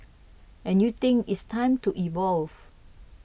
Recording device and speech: boundary microphone (BM630), read sentence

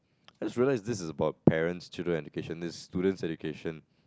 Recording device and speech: close-talking microphone, conversation in the same room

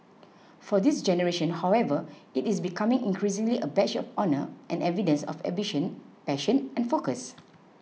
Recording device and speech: mobile phone (iPhone 6), read sentence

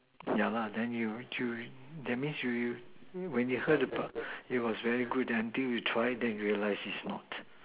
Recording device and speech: telephone, conversation in separate rooms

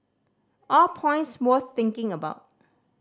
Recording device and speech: standing microphone (AKG C214), read sentence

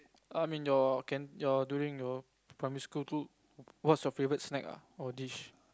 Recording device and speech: close-talking microphone, conversation in the same room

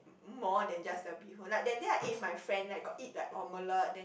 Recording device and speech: boundary microphone, conversation in the same room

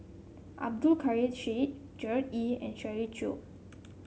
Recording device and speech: mobile phone (Samsung C7), read sentence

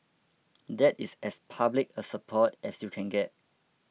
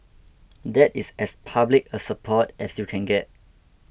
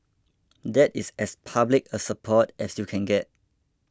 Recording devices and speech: mobile phone (iPhone 6), boundary microphone (BM630), close-talking microphone (WH20), read sentence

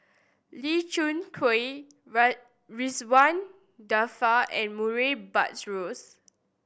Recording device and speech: boundary microphone (BM630), read sentence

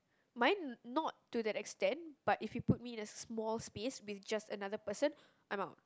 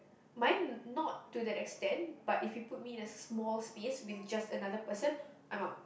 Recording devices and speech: close-talking microphone, boundary microphone, conversation in the same room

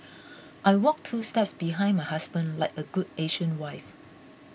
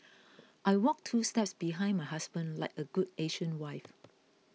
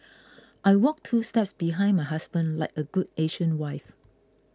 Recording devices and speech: boundary microphone (BM630), mobile phone (iPhone 6), close-talking microphone (WH20), read sentence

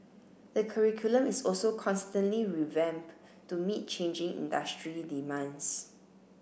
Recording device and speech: boundary microphone (BM630), read sentence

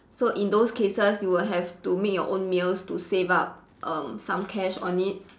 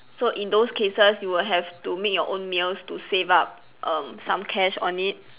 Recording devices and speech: standing microphone, telephone, conversation in separate rooms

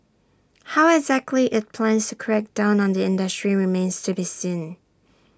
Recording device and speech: standing microphone (AKG C214), read sentence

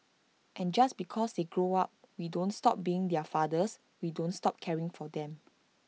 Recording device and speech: mobile phone (iPhone 6), read sentence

